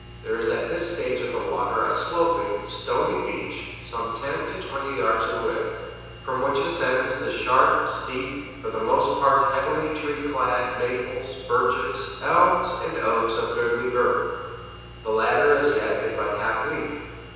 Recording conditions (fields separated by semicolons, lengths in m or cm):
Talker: one person; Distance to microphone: 7.1 m; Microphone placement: far; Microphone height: 1.7 m; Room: very reverberant, large; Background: none